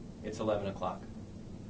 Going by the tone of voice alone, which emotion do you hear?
neutral